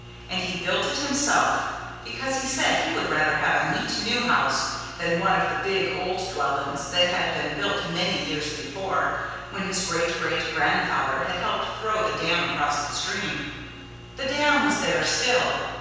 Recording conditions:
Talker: one person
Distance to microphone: 7.1 m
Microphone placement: far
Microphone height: 1.7 m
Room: very reverberant, large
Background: none

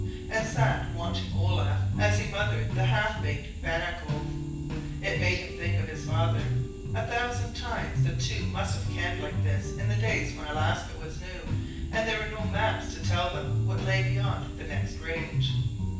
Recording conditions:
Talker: one person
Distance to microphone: 9.8 m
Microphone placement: far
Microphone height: 1.8 m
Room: large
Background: music

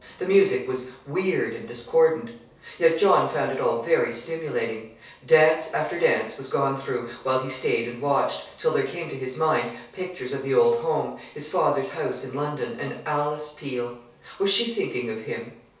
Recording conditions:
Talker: one person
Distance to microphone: 3.0 m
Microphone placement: far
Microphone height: 1.8 m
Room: small (3.7 m by 2.7 m)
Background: none

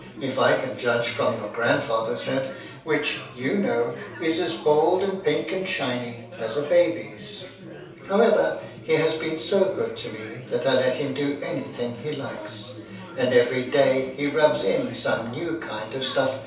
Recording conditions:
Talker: one person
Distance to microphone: 3.0 m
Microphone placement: far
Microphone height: 1.8 m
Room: small (3.7 m by 2.7 m)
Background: babble

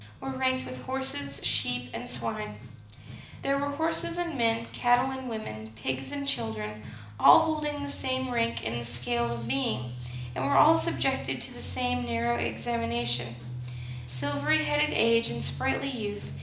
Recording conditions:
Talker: one person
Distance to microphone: 2.0 m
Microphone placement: close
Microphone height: 99 cm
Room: medium-sized (5.7 m by 4.0 m)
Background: music

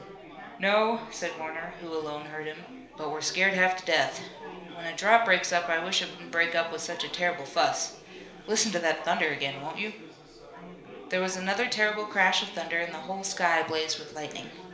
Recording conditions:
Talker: one person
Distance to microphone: 1.0 m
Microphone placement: close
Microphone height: 1.1 m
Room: small (3.7 m by 2.7 m)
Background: babble

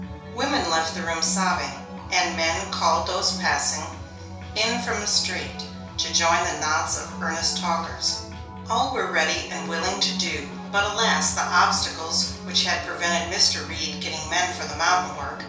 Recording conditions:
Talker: one person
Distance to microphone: 3.0 m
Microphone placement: far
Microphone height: 1.8 m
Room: small (3.7 m by 2.7 m)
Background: music

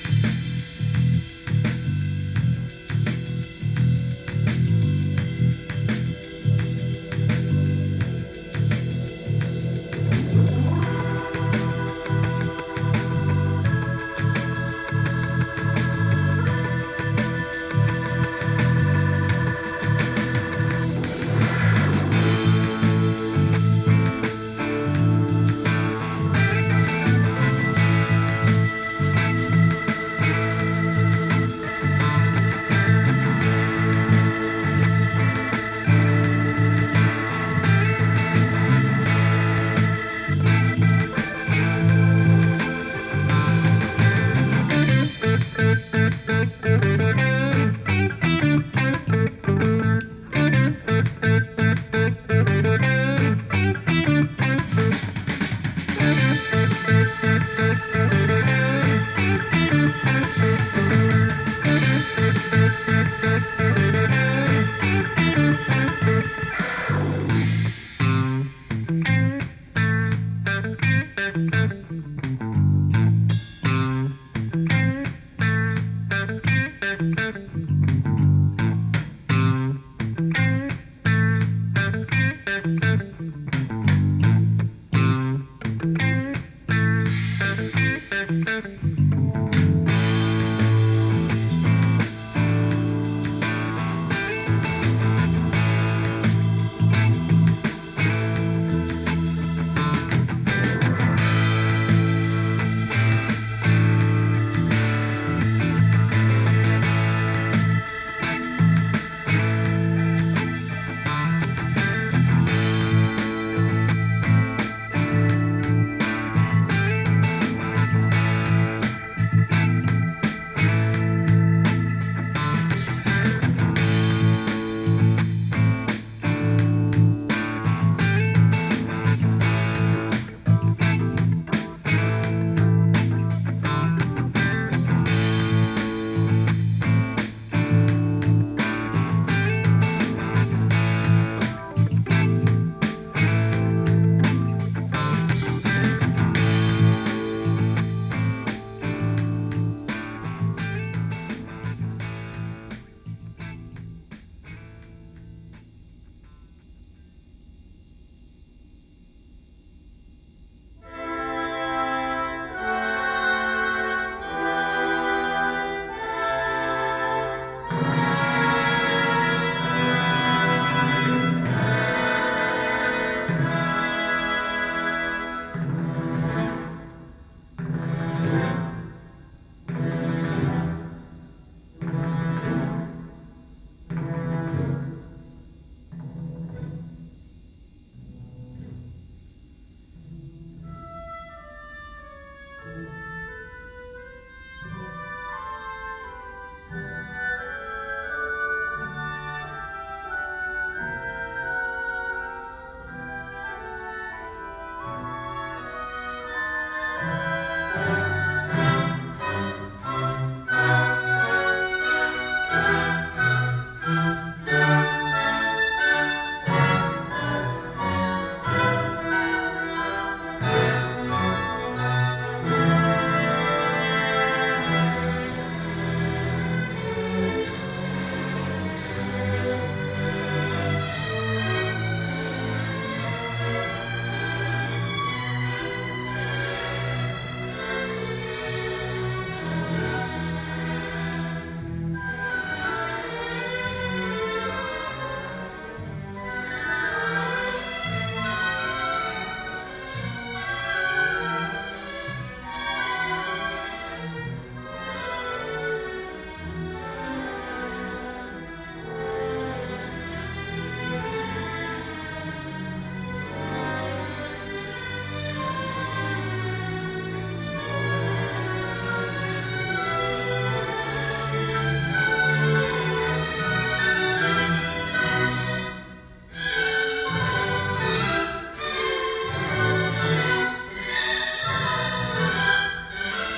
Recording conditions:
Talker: no one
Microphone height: 1.1 m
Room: large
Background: music

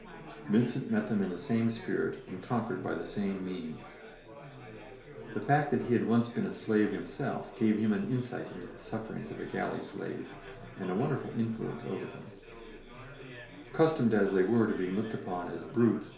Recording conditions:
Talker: one person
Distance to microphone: 1.0 m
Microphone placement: close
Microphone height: 1.1 m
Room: small (3.7 m by 2.7 m)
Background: babble

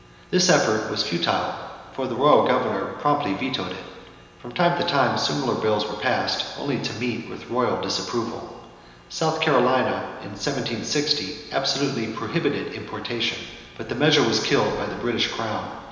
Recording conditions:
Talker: one person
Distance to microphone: 1.7 m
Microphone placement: close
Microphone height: 1.0 m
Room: very reverberant, large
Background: none

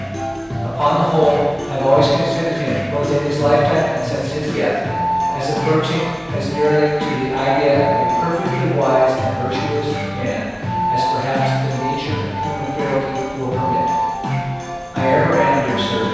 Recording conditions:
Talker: one person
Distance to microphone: 7.1 m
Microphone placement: far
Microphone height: 1.7 m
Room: very reverberant, large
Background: music

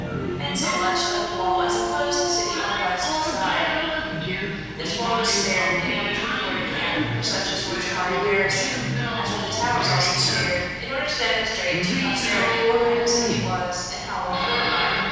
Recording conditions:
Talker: one person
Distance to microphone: 7.1 m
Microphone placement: far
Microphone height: 1.7 m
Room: very reverberant, large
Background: television

